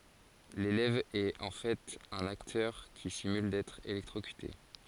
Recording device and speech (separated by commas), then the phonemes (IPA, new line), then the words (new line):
forehead accelerometer, read sentence
lelɛv ɛt ɑ̃ fɛt œ̃n aktœʁ ki simyl dɛtʁ elɛktʁokyte
L'élève est en fait un acteur qui simule d'être électrocuté.